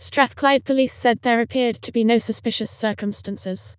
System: TTS, vocoder